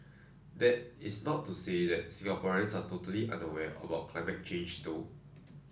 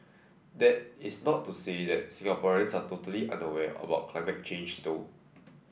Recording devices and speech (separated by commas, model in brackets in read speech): standing microphone (AKG C214), boundary microphone (BM630), read sentence